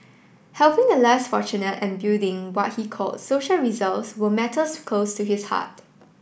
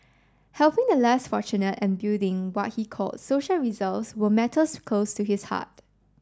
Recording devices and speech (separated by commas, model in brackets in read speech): boundary microphone (BM630), standing microphone (AKG C214), read sentence